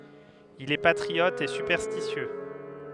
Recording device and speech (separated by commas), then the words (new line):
headset microphone, read sentence
Il est patriote et superstitieux.